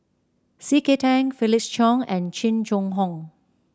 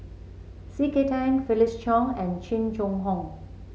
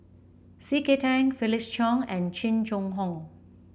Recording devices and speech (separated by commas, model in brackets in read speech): standing microphone (AKG C214), mobile phone (Samsung C7), boundary microphone (BM630), read sentence